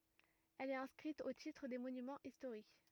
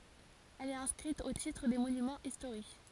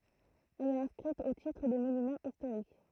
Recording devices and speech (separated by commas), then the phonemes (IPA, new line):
rigid in-ear microphone, forehead accelerometer, throat microphone, read sentence
ɛl ɛt ɛ̃skʁit o titʁ de monymɑ̃z istoʁik